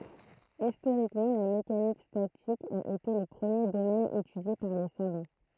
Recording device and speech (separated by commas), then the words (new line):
throat microphone, read sentence
Historiquement, la mécanique statique a été le premier domaine étudié par les savants.